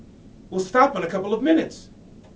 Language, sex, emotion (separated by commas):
English, male, angry